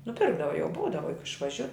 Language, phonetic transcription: Lithuanian, nuˈpirkdava jau ˈbūdava juk išvaˈžiu

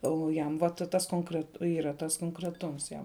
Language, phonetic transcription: Lithuanian, ˈo ˈjam va ˈta ˈtas konkret ˈyra ˈtas konkreˈtums ˈjam

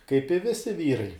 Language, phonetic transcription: Lithuanian, kaip i ˈvisi ˈvyrai

